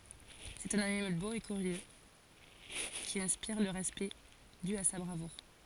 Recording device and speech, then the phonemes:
forehead accelerometer, read sentence
sɛt œ̃n animal bo e kyʁjø ki ɛ̃spiʁ lə ʁɛspɛkt dy a sa bʁavuʁ

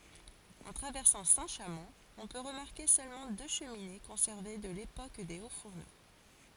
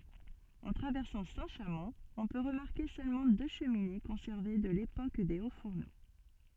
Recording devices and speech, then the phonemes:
forehead accelerometer, soft in-ear microphone, read sentence
ɑ̃ tʁavɛʁsɑ̃ sɛ̃tʃamɔ̃ ɔ̃ pø ʁəmaʁke sølmɑ̃ dø ʃəmine kɔ̃sɛʁve də lepok de otsfuʁno

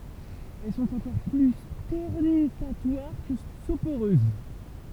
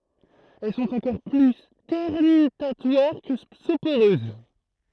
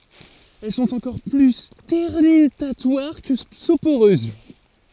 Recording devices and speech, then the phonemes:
temple vibration pickup, throat microphone, forehead accelerometer, read sentence
ɛl sɔ̃t ɑ̃kɔʁ ply stɛʁnytatwaʁ kə sopoʁøz

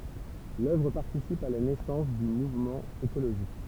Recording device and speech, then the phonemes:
temple vibration pickup, read sentence
lœvʁ paʁtisip a la nɛsɑ̃s dy muvmɑ̃ ekoloʒist

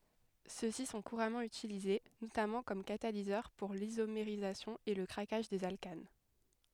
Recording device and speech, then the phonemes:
headset microphone, read sentence
sø si sɔ̃ kuʁamɑ̃ ytilize notamɑ̃ kɔm katalizœʁ puʁ lizomeʁizasjɔ̃ e lə kʁakaʒ dez alkan

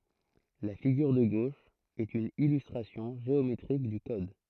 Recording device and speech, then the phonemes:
throat microphone, read sentence
la fiɡyʁ də ɡoʃ ɛt yn ilystʁasjɔ̃ ʒeometʁik dy kɔd

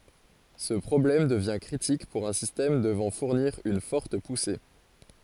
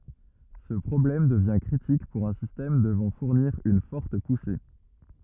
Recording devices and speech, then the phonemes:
forehead accelerometer, rigid in-ear microphone, read sentence
sə pʁɔblɛm dəvjɛ̃ kʁitik puʁ œ̃ sistɛm dəvɑ̃ fuʁniʁ yn fɔʁt puse

